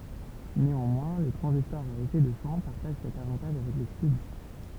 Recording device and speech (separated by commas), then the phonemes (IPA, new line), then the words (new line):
temple vibration pickup, read sentence
neɑ̃mwɛ̃ le tʁɑ̃zistɔʁz a efɛ də ʃɑ̃ paʁtaʒ sɛt avɑ̃taʒ avɛk le tyb
Néanmoins, les transistors à effet de champ partagent cet avantage avec les tubes.